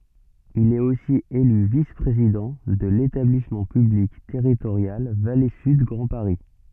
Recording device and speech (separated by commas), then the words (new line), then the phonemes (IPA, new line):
soft in-ear microphone, read sentence
Il est aussi élu vice-président de l'établissement public territorial Vallée Sud Grand Paris.
il ɛt osi ely vis pʁezidɑ̃ də letablismɑ̃ pyblik tɛʁitoʁjal vale syd ɡʁɑ̃ paʁi